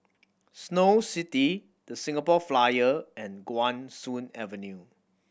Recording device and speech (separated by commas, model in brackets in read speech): boundary microphone (BM630), read sentence